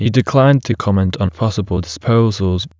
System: TTS, waveform concatenation